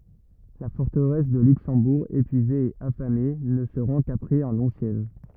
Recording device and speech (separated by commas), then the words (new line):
rigid in-ear microphone, read sentence
La forteresse de Luxembourg, épuisée et affamée, ne se rend qu'après un long siège.